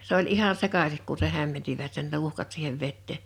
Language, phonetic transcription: Finnish, s ‿oĺ '’ihaⁿ "sekasik ku se 'hämmentivät sen "tuhkat siihev 'vettè .
- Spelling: se oli ihan sekaisin kun sen hämmensivät sen tuhkat siihen veteen

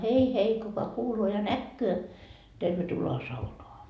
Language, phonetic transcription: Finnish, hei hei kuka 'kuuloo ja "näkköö , tervetulo₍a 'saunoa .
- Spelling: hei hei kuka kuulee ja näkee tervetuloa saunaan

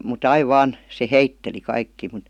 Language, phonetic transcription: Finnish, mu"t ‿aiv "vaan , se "heitteli 'kaikkii mut ,.
- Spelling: mutta aina vain se heitteli kaikkia mutta

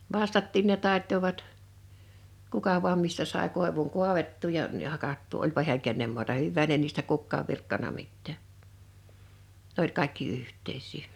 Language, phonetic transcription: Finnish, vastattiin ne 'tàettovat , 'kuka vu̬am mistä sàe 'kòevuŋ 'kuavettuu ja m̥ ja 'hakattuu oĺpa hi̬äŋ 'kennem muata 'hyvvään ne niistä 'kukkaav 'virkkana 'mittää nᵉ ‿oĺ 'kàekki 'yht̆teis̆sii .
- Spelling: vastatkin ne taittoivat kuka vain mistä sai koivun kaadettua ja - ja hakattua olipa hän kenen maata hyvänsä ne niistä kukaan virkkanut mitään ne oli kaikki yhteisiä

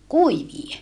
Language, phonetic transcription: Finnish, kuivie .
- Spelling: kuivia

